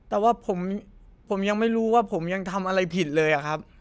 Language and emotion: Thai, frustrated